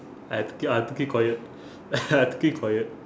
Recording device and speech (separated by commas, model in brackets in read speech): standing microphone, conversation in separate rooms